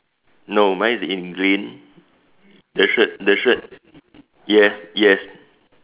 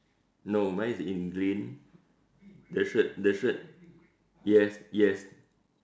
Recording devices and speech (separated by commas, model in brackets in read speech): telephone, standing microphone, conversation in separate rooms